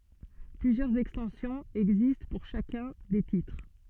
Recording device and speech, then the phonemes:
soft in-ear microphone, read sentence
plyzjœʁz ɛkstɑ̃sjɔ̃z ɛɡzist puʁ ʃakœ̃ de titʁ

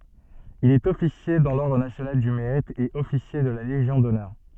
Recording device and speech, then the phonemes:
soft in-ear microphone, read sentence
il ɛt ɔfisje dɑ̃ lɔʁdʁ nasjonal dy meʁit e ɔfisje də la leʒjɔ̃ dɔnœʁ

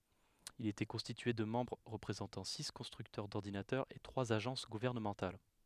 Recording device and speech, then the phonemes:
headset microphone, read sentence
il etɛ kɔ̃stitye də mɑ̃bʁ ʁəpʁezɑ̃tɑ̃ si kɔ̃stʁyktœʁ dɔʁdinatœʁz e tʁwaz aʒɑ̃s ɡuvɛʁnəmɑ̃tal

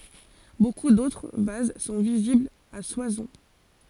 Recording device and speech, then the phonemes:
forehead accelerometer, read sentence
boku dotʁ vaz sɔ̃ viziblz a swasɔ̃

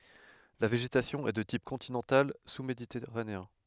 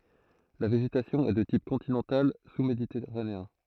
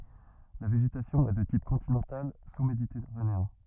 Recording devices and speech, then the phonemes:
headset microphone, throat microphone, rigid in-ear microphone, read sentence
la veʒetasjɔ̃ ɛ də tip kɔ̃tinɑ̃tal susmeditɛʁaneɛ̃

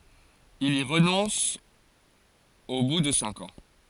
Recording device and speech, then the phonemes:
forehead accelerometer, read sentence
il i ʁənɔ̃s o bu də sɛ̃k ɑ̃

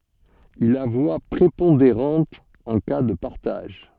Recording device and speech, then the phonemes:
soft in-ear microphone, read sentence
il a vwa pʁepɔ̃deʁɑ̃t ɑ̃ ka də paʁtaʒ

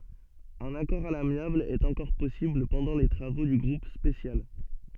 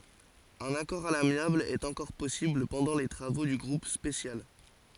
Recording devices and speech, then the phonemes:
soft in-ear microphone, forehead accelerometer, read sentence
œ̃n akɔʁ a lamjabl ɛt ɑ̃kɔʁ pɔsibl pɑ̃dɑ̃ le tʁavo dy ɡʁup spesjal

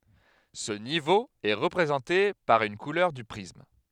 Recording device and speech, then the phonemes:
headset microphone, read sentence
sə nivo ɛ ʁəpʁezɑ̃te paʁ yn kulœʁ dy pʁism

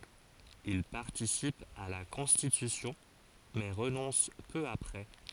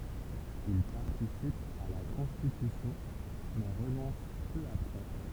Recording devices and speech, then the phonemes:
forehead accelerometer, temple vibration pickup, read sentence
il paʁtisip a la kɔ̃stitysjɔ̃ mɛ ʁənɔ̃s pø apʁɛ

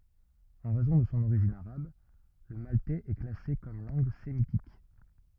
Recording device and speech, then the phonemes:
rigid in-ear microphone, read sentence
ɑ̃ ʁɛzɔ̃ də sɔ̃ oʁiʒin aʁab lə maltɛz ɛ klase kɔm lɑ̃ɡ semitik

